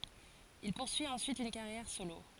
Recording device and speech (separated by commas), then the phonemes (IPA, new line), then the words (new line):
forehead accelerometer, read sentence
il puʁsyi ɑ̃syit yn kaʁjɛʁ solo
Il poursuit ensuite une carrière solo.